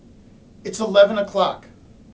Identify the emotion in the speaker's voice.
angry